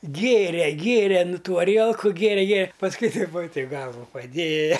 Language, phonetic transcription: Lithuanian, ˈgėre ˈgėre ˈnu ˈtų aˈrielku gėˈre ˈgė pasˈkui taip va taip ˈgalvu paˈdėja

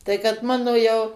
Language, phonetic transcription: Lithuanian, ˈtai kad ˈmano jau

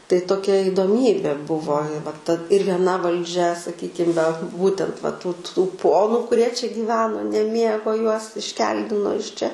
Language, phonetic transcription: Lithuanian, tai toˈkia idoˈmybė ˈbuvo i va ta ir vieˈna valˈdžia saˈkykim ve ˈbūtent va tų tų ˈponu kuˈrie čia gyˈveno neˈmiego ˈjuos išˈkeldino iš ˈčia

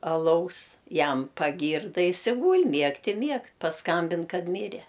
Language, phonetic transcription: Lithuanian, aˈlaus ˈjam paˈgyrda ˈjis i ˈgūl' ˈmiegt i ˈmiegt pasˈkambin ˈkad ˈmyre

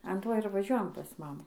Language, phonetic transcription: Lithuanian, an ˈto ir vaˈžiuojam pas ˈmamų

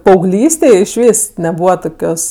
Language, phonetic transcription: Lithuanian, paauˈglystėj išˈvys neˈbūva ˈtokios

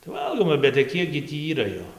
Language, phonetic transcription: Lithuanian, tai ˈvalgoma bet tai ˈkiek gi ˈtį ˈyra ˈjo

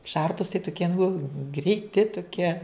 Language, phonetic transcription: Lithuanian, ˈšarpus tai tuˈkie nu greiˈti tuˈkie

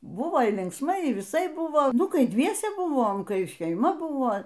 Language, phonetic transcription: Lithuanian, ˈbūvo y linksˈmai y viˈsaip ˈbūvo ˈnu ˈkai ˈdviese ˈbūvom ˈkai šeiˈma ˈbūvo

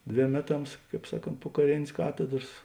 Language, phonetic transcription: Lithuanian, ˈdvėm ˈmeˌtams ˈkāp ˈsaˌkont po kaˈrėnės ˈkatedras

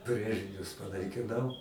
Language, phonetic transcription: Lithuanian, ˈbrėžinius panaikiˈnau

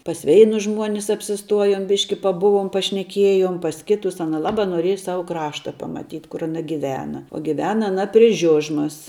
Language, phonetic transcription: Lithuanian, pas ˈveinus ˈžmuonis apsiˈstuojom ˈbiški paˈbuvom pašneˈkiejom pas ˈkitus ˈana ˈlabā noˈrieja ˈsavu ˈkrašta pamaˈtyt' kur aˈna giˈvena o giˈvena aˈna pri ˈžiužmas

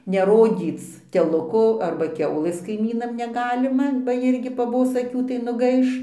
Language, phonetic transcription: Lithuanian, neˈrodyc teˈluko ˈarba ˈkiaulės kaiˈmynam neˈgalima ba ˈjirgi paˈbos aˈkių tai nuˈgaiš

